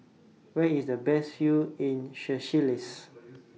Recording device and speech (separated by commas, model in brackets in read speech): mobile phone (iPhone 6), read sentence